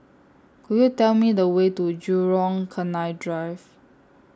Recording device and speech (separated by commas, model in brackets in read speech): standing microphone (AKG C214), read sentence